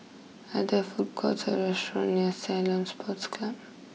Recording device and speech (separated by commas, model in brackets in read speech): mobile phone (iPhone 6), read sentence